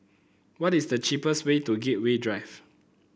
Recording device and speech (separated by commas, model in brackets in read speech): boundary microphone (BM630), read sentence